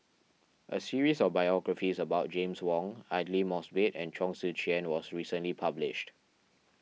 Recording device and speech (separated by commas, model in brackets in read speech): mobile phone (iPhone 6), read sentence